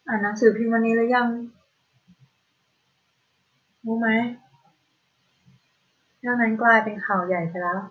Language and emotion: Thai, frustrated